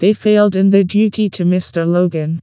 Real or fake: fake